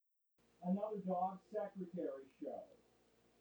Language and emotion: English, neutral